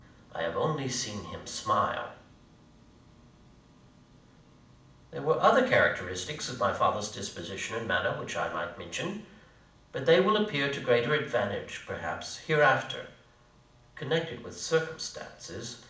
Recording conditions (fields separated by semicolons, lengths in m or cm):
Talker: one person; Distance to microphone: 2.0 m; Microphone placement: close; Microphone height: 99 cm; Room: medium-sized (5.7 m by 4.0 m); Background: none